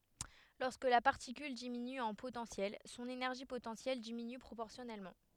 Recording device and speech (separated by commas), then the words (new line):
headset microphone, read sentence
Lorsque la particule diminue en potentiel, son énergie potentielle diminue proportionnellement.